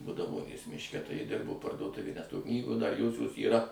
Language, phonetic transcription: Lithuanian, budaˈvonės mišˈke tai ˈji ˈdirbo parduoˈtuvėj nes ˈto ˈknygo dar ˈjosios yˈra

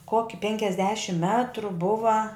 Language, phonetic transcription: Lithuanian, ˈkoki penkiasˈdešim ˈmetru ˈbuva

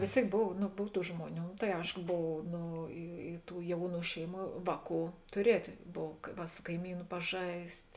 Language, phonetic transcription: Lithuanian, vės ˈtėik ˈbov nu ˈbov ˈtų ˈžmuoˌnių tai ˈaiško ˈbov ˈno i i ˈtų ˈjauˌnų ˈšeiˌmų ˈvāˌkų tuˈrietė ˈbov ˈva su kaiˈmynu paˈžaist'

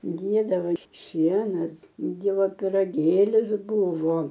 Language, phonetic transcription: Lithuanian, ˈdėdavo ir ˈšienas ˈdievo piraˈgėlis ˈbūvo

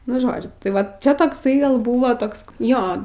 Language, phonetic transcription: Lithuanian, nu ˈžodžiu tai ˈvat ˈčia tokˈsai gal ˈbūvo ˈtoks ˈjo

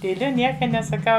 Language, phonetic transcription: Lithuanian, tyˈliu ˈnieka nesaˈkau

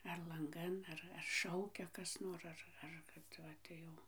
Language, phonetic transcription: Lithuanian, ar lanˈgan ˈar ar ˈšaukia ˈkas nor ˈar ar kad ˈva tai jau

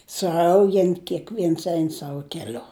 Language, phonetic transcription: Lithuanian, suˈaugen kekˈviens ˈein ˈsavu keˈliu

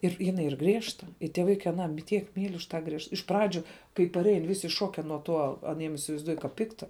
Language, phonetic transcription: Lithuanian, ir ˈjinai ˈyr ˈgriežta i tie ˈvaikai aˈną m tiek ˈmyl' už tą ˈgriežt iš ˈpradžiu kai paˈrein ˈvisi ˈšoke nuo ˈtuo aˈniem isivaizˈduoju ka ˈpikta

